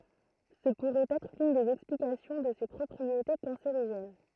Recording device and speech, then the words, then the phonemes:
throat microphone, read sentence
Ce pourrait être l'une des explications de ses propriétés cancérigènes.
sə puʁɛt ɛtʁ lyn dez ɛksplikasjɔ̃ də se pʁɔpʁiete kɑ̃seʁiʒɛn

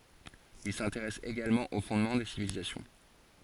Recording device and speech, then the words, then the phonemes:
forehead accelerometer, read sentence
Il s'intéresse également aux fondements des civilisations.
il sɛ̃teʁɛs eɡalmɑ̃ o fɔ̃dmɑ̃ de sivilizasjɔ̃

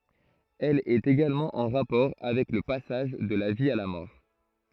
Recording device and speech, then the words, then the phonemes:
throat microphone, read sentence
Elle est également en rapport avec le passage de la vie à la mort.
ɛl ɛt eɡalmɑ̃ ɑ̃ ʁapɔʁ avɛk lə pasaʒ də la vi a la mɔʁ

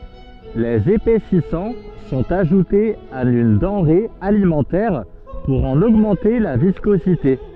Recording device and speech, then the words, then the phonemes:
soft in-ear microphone, read sentence
Les épaississants sont ajoutés à une denrée alimentaire pour en augmenter la viscosité.
lez epɛsisɑ̃ sɔ̃t aʒutez a yn dɑ̃ʁe alimɑ̃tɛʁ puʁ ɑ̃n oɡmɑ̃te la viskozite

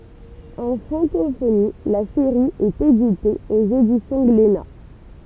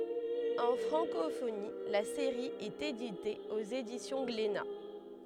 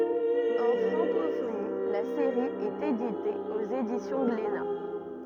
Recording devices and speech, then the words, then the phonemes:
temple vibration pickup, headset microphone, rigid in-ear microphone, read sentence
En francophonie, la série est éditée aux éditions Glénat.
ɑ̃ fʁɑ̃kofoni la seʁi ɛt edite oz edisjɔ̃ ɡlena

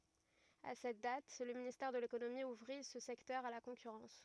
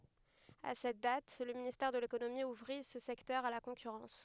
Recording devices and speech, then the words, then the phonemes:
rigid in-ear microphone, headset microphone, read sentence
À cette date, le ministère de l'économie ouvrit ce secteur à la concurrence.
a sɛt dat lə ministɛʁ də lekonomi uvʁi sə sɛktœʁ a la kɔ̃kyʁɑ̃s

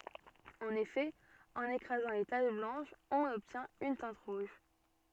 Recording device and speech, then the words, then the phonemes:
soft in-ear microphone, read sentence
En effet, en écrasant les taches blanches on obtient une teinte rouge.
ɑ̃n efɛ ɑ̃n ekʁazɑ̃ le taʃ blɑ̃ʃz ɔ̃n ɔbtjɛ̃t yn tɛ̃t ʁuʒ

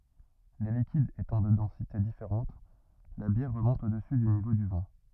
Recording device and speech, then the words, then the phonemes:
rigid in-ear microphone, read sentence
Les liquides étant de densité différentes, la bière remonte au-dessus du niveau du vin.
le likidz etɑ̃ də dɑ̃site difeʁɑ̃t la bjɛʁ ʁəmɔ̃t odəsy dy nivo dy vɛ̃

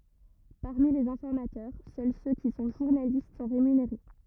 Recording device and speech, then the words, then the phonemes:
rigid in-ear microphone, read sentence
Parmi les informateurs, seuls ceux qui sont journalistes sont rémunérés.
paʁmi lez ɛ̃fɔʁmatœʁ sœl sø ki sɔ̃ ʒuʁnalist sɔ̃ ʁemyneʁe

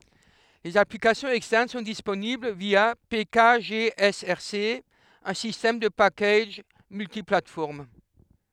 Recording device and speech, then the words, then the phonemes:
headset microphone, read sentence
Les applications externes sont disponibles via pkgsrc, un système de packages multiplateformes.
lez aplikasjɔ̃z ɛkstɛʁn sɔ̃ disponibl vja pekaʒeɛsɛʁse œ̃ sistɛm də pakaʒ myltiplatfɔʁm

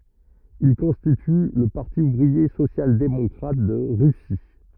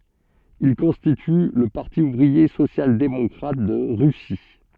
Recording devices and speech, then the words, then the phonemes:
rigid in-ear microphone, soft in-ear microphone, read sentence
Ils constituent le Parti ouvrier social-démocrate de Russie.
il kɔ̃stity lə paʁti uvʁie sosjaldemɔkʁat də ʁysi

